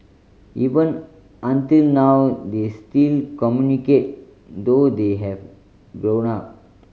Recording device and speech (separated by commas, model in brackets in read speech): mobile phone (Samsung C5010), read sentence